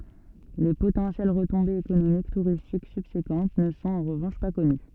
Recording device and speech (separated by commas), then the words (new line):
soft in-ear microphone, read sentence
Les potentielles retombées économiques touristiques subséquentes ne sont en revanche pas connues.